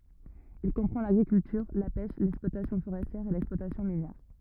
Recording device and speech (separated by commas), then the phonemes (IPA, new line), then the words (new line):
rigid in-ear microphone, read sentence
il kɔ̃pʁɑ̃ laɡʁikyltyʁ la pɛʃ lɛksplwatasjɔ̃ foʁɛstjɛʁ e lɛksplwatasjɔ̃ minjɛʁ
Il comprend l'agriculture, la pêche, l'exploitation forestière et l'exploitation minière.